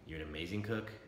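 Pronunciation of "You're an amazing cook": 'You're an amazing cook' is said in a doubtful tone.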